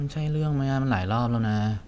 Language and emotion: Thai, frustrated